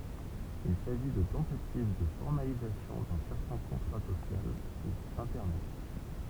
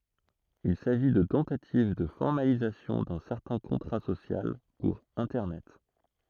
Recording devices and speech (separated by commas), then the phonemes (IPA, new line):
temple vibration pickup, throat microphone, read sentence
il saʒi də tɑ̃tativ də fɔʁmalizasjɔ̃ dœ̃ sɛʁtɛ̃ kɔ̃tʁa sosjal puʁ ɛ̃tɛʁnɛt